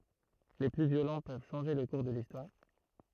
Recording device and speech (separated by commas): throat microphone, read sentence